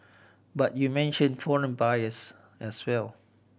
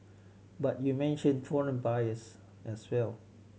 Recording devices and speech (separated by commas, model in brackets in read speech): boundary microphone (BM630), mobile phone (Samsung C7100), read sentence